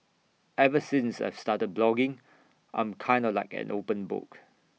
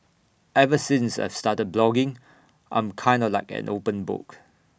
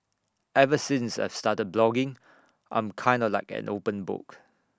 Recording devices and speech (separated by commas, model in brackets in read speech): mobile phone (iPhone 6), boundary microphone (BM630), standing microphone (AKG C214), read sentence